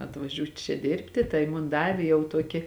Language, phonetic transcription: Lithuanian, atvaˈžiūt' čia ˈdirbti ˈtai mun ˈdavė jau ˈtuoki

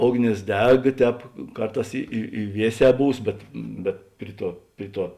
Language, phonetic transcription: Lithuanian, ˈogˌnės ˈdeg ˈtēp ˈkarˌtās i i i ˈvieˌsē ˈbūs ˈbet bet ˈpri ˌtuo ˈpri ˌtuo

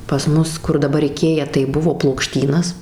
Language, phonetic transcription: Lithuanian, pas ˈmus kur daˈbar iˈkėja tai ˈbuvo plokˈštynas

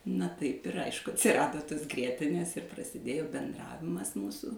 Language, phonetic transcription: Lithuanian, na ˈtaip ir ˈaišku atsirˈado tos ˈgrietinės ir prasiˈdėjo benˈdravimas ˈmūsų

